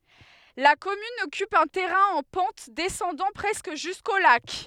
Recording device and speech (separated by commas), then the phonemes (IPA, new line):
headset microphone, read sentence
la kɔmyn ɔkyp œ̃ tɛʁɛ̃ ɑ̃ pɑ̃t dɛsɑ̃dɑ̃ pʁɛskə ʒysko lak